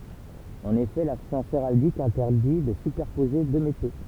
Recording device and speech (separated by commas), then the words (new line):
temple vibration pickup, read sentence
En effet, la science héraldique interdit de superposer deux métaux.